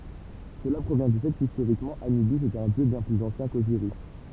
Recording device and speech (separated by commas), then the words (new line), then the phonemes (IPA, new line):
temple vibration pickup, read sentence
Cela provient du fait qu'historiquement Anubis est un dieu bien plus ancien qu'Osiris.
səla pʁovjɛ̃ dy fɛ kistoʁikmɑ̃ anybis ɛt œ̃ djø bjɛ̃ plyz ɑ̃sjɛ̃ koziʁis